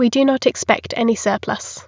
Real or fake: real